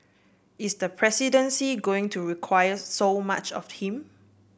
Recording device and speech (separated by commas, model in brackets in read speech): boundary microphone (BM630), read sentence